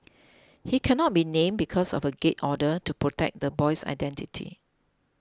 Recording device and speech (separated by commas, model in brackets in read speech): close-talking microphone (WH20), read sentence